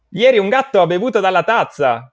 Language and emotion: Italian, surprised